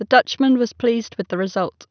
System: none